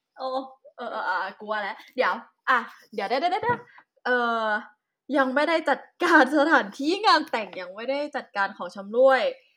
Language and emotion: Thai, happy